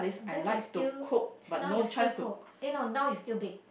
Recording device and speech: boundary microphone, conversation in the same room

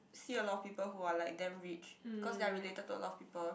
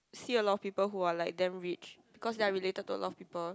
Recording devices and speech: boundary microphone, close-talking microphone, conversation in the same room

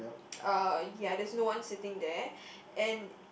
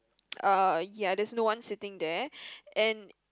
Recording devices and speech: boundary microphone, close-talking microphone, conversation in the same room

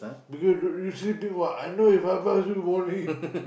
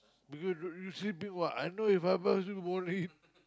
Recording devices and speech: boundary microphone, close-talking microphone, conversation in the same room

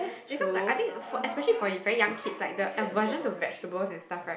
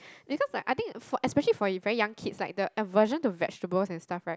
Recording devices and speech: boundary microphone, close-talking microphone, conversation in the same room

